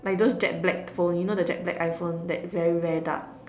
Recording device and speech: standing microphone, conversation in separate rooms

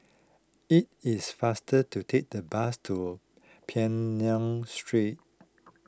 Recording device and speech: close-talking microphone (WH20), read sentence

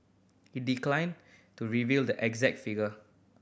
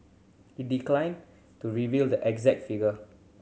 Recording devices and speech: boundary microphone (BM630), mobile phone (Samsung C7100), read sentence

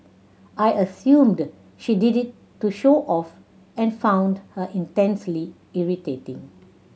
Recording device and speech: mobile phone (Samsung C7100), read sentence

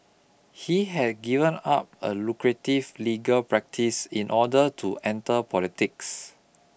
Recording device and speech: boundary microphone (BM630), read sentence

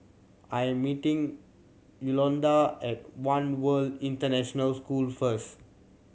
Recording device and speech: mobile phone (Samsung C7100), read sentence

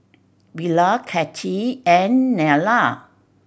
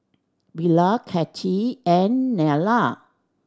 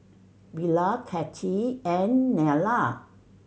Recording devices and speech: boundary microphone (BM630), standing microphone (AKG C214), mobile phone (Samsung C7100), read sentence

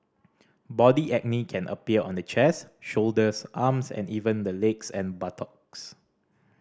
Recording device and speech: standing microphone (AKG C214), read sentence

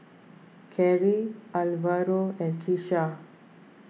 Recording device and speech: mobile phone (iPhone 6), read sentence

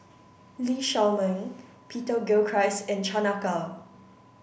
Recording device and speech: boundary microphone (BM630), read sentence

